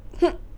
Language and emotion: Thai, frustrated